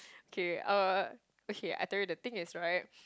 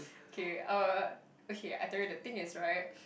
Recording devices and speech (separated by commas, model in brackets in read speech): close-talking microphone, boundary microphone, conversation in the same room